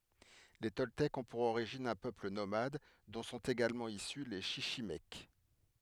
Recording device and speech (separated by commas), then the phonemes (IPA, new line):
headset microphone, read sentence
le tɔltɛkz ɔ̃ puʁ oʁiʒin œ̃ pøpl nomad dɔ̃ sɔ̃t eɡalmɑ̃ isy le ʃiʃimɛk